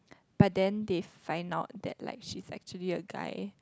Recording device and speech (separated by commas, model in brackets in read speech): close-talking microphone, conversation in the same room